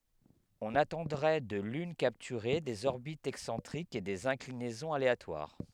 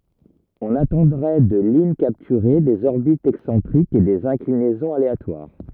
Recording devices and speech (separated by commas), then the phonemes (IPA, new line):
headset microphone, rigid in-ear microphone, read sentence
ɔ̃n atɑ̃dʁɛ də lyn kaptyʁe dez ɔʁbitz ɛksɑ̃tʁikz e dez ɛ̃klinɛzɔ̃z aleatwaʁ